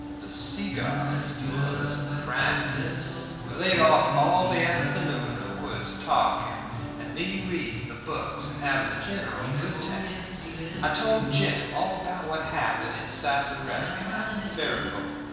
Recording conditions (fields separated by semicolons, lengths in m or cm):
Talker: one person; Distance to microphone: 1.7 m; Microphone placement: close; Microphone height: 1.0 m; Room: very reverberant, large; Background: music